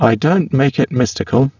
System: VC, spectral filtering